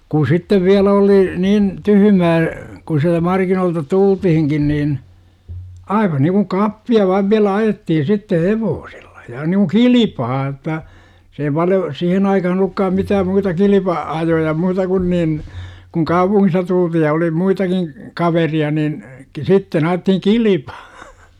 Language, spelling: Finnish, kun sitten vielä oli niin tyhmää kun sieltä markkinoilta tultiinkin niin aivan niin kuin kappia vain vielä ajettiin sitten hevosella ja niin kuin kilpaa jotta se ei paljon siihen aikaan ollutkaan mitään muuta - kilpa-ajoja muuta kuin niin kun kaupungista tultiin ja oli muitakin kaveria niin - sitten ajettiin kilpaa
- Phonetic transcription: kuu "sittev 'viälä oli , niin , 'tyhymää , ku siältä 'markinoolta "tultihiŋkin niin , 'aiva niikuŋ "kappi₍a vaiv viälä 'ajettihin sitteh "hevoosELLA JA niku "kilipaa j°tta , 'se ei paljo , "sihen aikahan ‿ol̆lukkaam 'mitääm muuta "kilipa- , '-ajoja 'muuta kun nin , kuŋ "kaupuŋ̆ŋista tulti§j ja oli 'muitakin , 'kaveri₍a nin , ki - 'sitten 'a₍ettihiŋ "kilipAA .

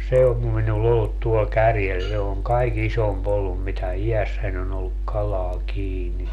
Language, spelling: Finnish, se on minulla ollut tuolla kärjellä se on kaikkein isompi ollut mitä iässäni on ollut kalaa kiinni
- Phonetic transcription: 'se om minul'l ‿ollut tuol 'kärjel se oŋ 'kai"k ‿isom'p ‿ollum mitä "ijässän ‿on ‿olluk 'kalaa 'kiini .

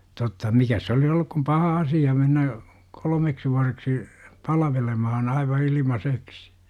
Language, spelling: Finnish, totta mikäs se olisi ollut kuin paha asia mennä kolmeksi vuodeksi palvelemaan aivan ilmaiseksi
- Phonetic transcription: totta , "mikäs se - olis ‿olluk kum "paha 'asija mennä , 'kol°meksi vuareksi , 'palvelemahan aiva ilima'seksi .

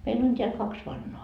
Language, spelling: Finnish, meillä on täällä kaksi vannaa
- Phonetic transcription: meil ‿on t́eäl 'kaks vannoa .

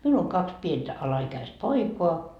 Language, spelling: Finnish, minulla on kaksi pientä alaikäistä poikaa
- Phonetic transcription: 'miul ‿oŋ 'kaks 'pientä 'ala₍ikäist "poikoa » .

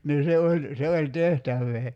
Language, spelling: Finnish, niin se oli se oli tehtävää
- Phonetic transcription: nii 'se oĺ , 'se oĺ "tehtävvee .

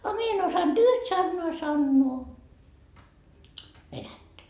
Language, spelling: Finnish, a minä en osannut yhtään sanaa sanoa venäjää
- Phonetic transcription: a 'mie en osanD "yht 'sannoa 'sannoo , 'venättä .

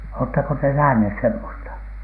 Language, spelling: Finnish, oletteko te nähneet semmoista
- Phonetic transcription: oottako te "nähnhès semmosta ?

